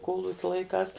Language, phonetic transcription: Lithuanian, ˈkolukia laiˈkās

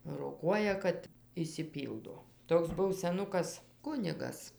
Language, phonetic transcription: Lithuanian, roˈkuoja kad išsiˈpyldo ˈtoks ˈbuv seˈnukas ˈkunigas

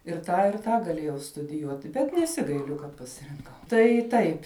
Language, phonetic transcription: Lithuanian, ir ˈtą ir ˈtą gaˈlėjau studiˈjuoti bet neˈsigailiu kad pasirinˈkau tai ˈtaip

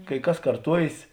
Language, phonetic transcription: Lithuanian, kai ˈkas karˈtuojės

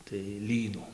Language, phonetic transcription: Lithuanian, tai ˈlynų

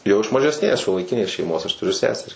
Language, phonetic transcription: Lithuanian, jau iš mažesˈnės šiuolaiˈkinės šeiˈmos aš tuˈriu ˈseseri

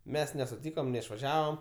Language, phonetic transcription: Lithuanian, ˈmes nesuˈtykom neišvaˈžiavam

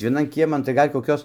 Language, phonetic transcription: Lithuanian, vieˈnan ˈkieman tai ˈgal' koˈkios

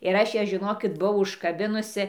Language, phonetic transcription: Lithuanian, ir ˈaš ją žiˈnokit buˈau užkaˈbinusi

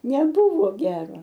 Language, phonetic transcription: Lithuanian, neˈbuvo ˈgero

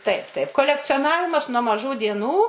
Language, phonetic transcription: Lithuanian, ˈtaip ˈtaip kolekcioˈnavimas nuo maˈžų dieˈnų

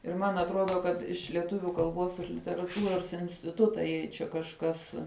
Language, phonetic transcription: Lithuanian, ir ˈman atˈrodo kad iš leˈtuviu kalˈbos ir literaˈtūros instiˈtuta jei ˈčia kažˈkas

